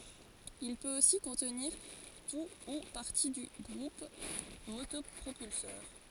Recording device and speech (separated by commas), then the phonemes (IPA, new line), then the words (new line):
forehead accelerometer, read sentence
il pøt osi kɔ̃tniʁ tu u paʁti dy ɡʁup motɔpʁopylsœʁ
Il peut aussi contenir tout ou partie du groupe motopropulseur.